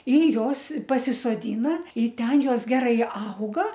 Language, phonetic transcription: Lithuanian, i ˈjos pasisoˈdyna i ˈten ˈjos ˈgerai ˈauga

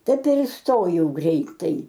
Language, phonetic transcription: Lithuanian, ˈtaip ir isˈtojau ˈgreitai

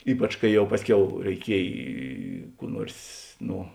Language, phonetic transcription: Lithuanian, ˈypač kai ˈjau ˈpasˌkiau reiˈkiej ˈkų ˈnuors ˈno

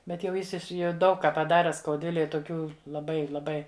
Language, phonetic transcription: Lithuanian, ˈbet jau ˈjis jau ˈdaug ˈką paˈdare skauˈdvilej toˈkių laˈbai laˈbai

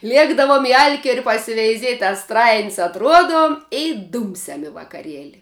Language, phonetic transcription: Lithuanian, ˈliekdavom i ˈalkieri pasiveiˈziet' a ˈstrain's' atˈruodom i ˈdūmsiam i vakaˈrieli

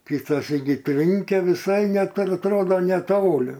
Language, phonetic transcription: Lithuanian, kitaˈsyk gi ˈtrinkia viˈsai ˈnet atˈrodo neˈtoli

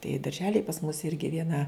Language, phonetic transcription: Lithuanian, tai darˈželij pas mus ˈirgi vieˈna

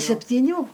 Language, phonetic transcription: Lithuanian, septyˈnių

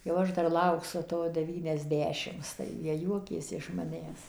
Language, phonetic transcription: Lithuanian, jau ˈaš ˈdar ˈlauksu ˈto deˌvyniasˈdešims tai ˈjie ˈjuokėsi iš maˈnęs

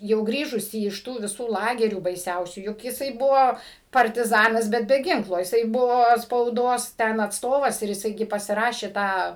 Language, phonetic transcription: Lithuanian, jau ˈgrįžusi iš ˈtų viˈsų ˈlagerių baiˈsiausių juk jiˈsai ˈbuvo partiˈzanas ˈbet be ˈginklo jiˈsai ˈbuvo spauˈdos ˈten atsˈtovas ir jiˈsai ˈgi pasiˈrašė ˈtą

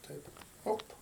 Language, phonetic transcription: Lithuanian, ˈtaip ˈop

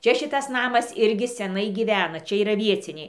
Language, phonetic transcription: Lithuanian, ˈčia ˈšitas ˈnamas ˈirgi seˈnai gyˈvena ˈčia yˈra ˈvieciniai

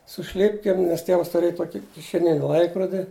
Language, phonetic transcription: Lithuanian, su ˈšlipkėm nes ˈtievas tuˈrėj ˈtoki kišeˈnini ˈlaikrodi

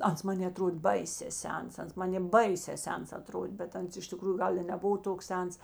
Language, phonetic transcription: Lithuanian, ˈans ˈmanė aˈtrod' ˈbaisė ˈsens ˈans ˈmanė ˈbaisē ˈsens aˈtrodė bet ˈans iš tiˈkrųju ˈgal i neˈbuvo ˈtoks ˈsens

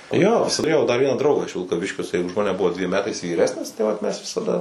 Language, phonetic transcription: Lithuanian, jo tuˈrėjau dar ˈvieną ˈdraugą iš vilkaˈviškio jiˈsai už ˈmaneˈbuvo dviem ˈmetais vyˈresnis tai ˈvat ˈmes visaˈda

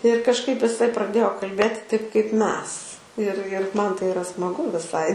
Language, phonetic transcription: Lithuanian, ir kažˈkaip iˈsai praˈdėjo kalˈbėti taip kaip ˈmes ir ir ˈman tai iˈra smaˈgu viˈsai

